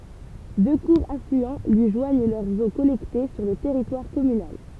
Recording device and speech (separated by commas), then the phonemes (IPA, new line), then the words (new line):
temple vibration pickup, read sentence
dø kuʁz aflyɑ̃ lyi ʒwaɲ lœʁz o kɔlɛkte syʁ lə tɛʁitwaʁ kɔmynal
Deux courts affluents lui joignent leurs eaux collectées sur le territoire communal.